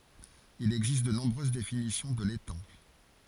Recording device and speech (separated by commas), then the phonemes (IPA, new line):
forehead accelerometer, read sentence
il ɛɡzist də nɔ̃bʁøz definisjɔ̃ də letɑ̃